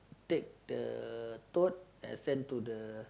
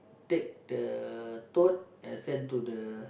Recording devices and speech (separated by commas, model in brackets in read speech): close-talking microphone, boundary microphone, conversation in the same room